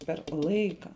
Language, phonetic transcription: Lithuanian, per ˈlaika

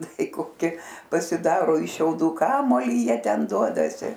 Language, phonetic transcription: Lithuanian, ˈtai koˈki pasiˈdaro iš šiauˈdų ˈkamuolį ˈjie ˈten ˈduodasi

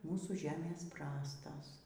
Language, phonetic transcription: Lithuanian, ˈmūsų ˈžemės ˈprastos

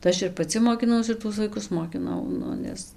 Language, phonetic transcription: Lithuanian, tai ˈaš ir paˈci mokiˈnaus ir ˈtuos vaiˈkus mokiˈnau ˈnu ˈnes

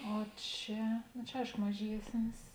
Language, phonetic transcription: Lithuanian, o ˈčia no čia ˈaiško maˈžiesnis

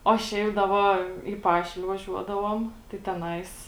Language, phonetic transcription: Lithuanian, o ˈšiaip da ˈva į ˈpašilė vaˈžiuodavuom tai teˈnais

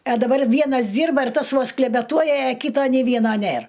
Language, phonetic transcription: Lithuanian, a daˈbar ˈvienas ˈdyrba ir ˈtas ˈvos klebeˈtuoja aˈkyto nė ˈvieno ˈnėr

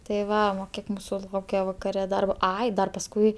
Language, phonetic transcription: Lithuanian, tai ˈva o ˈkiek ˈmūsu ˈlaukia vakaˈre ˈdarbo ˈai dar pasˈkui

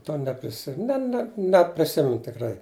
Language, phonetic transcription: Lithuanian, ˈto nepriˈsi ˈne ne nepriˈsimenu tikˈrai

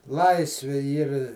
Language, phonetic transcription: Lithuanian, ˈlaisvi ˈyr

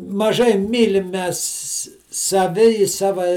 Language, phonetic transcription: Lithuanian, maˈžai ˈmylim ˈmes saˈvi i ˈsava

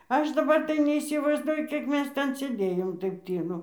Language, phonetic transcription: Lithuanian, ˈaš daˈbar tai neįsivaizˈduoju ˈkiek ˈmes ˈten sėˈdėjom ˈtaip ˈtylu

